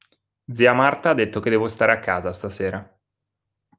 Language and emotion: Italian, neutral